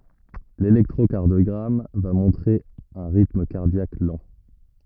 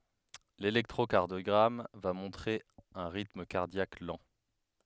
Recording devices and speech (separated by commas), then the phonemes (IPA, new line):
rigid in-ear microphone, headset microphone, read sentence
lelɛktʁokaʁdjɔɡʁam va mɔ̃tʁe œ̃ ʁitm kaʁdjak lɑ̃